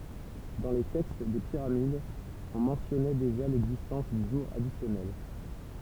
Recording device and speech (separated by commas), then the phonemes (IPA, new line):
temple vibration pickup, read sentence
dɑ̃ le tɛkst de piʁamidz ɔ̃ mɑ̃tjɔnɛ deʒa lɛɡzistɑ̃s dy ʒuʁ adisjɔnɛl